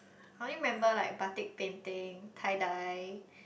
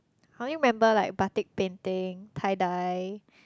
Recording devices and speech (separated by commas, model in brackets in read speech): boundary microphone, close-talking microphone, conversation in the same room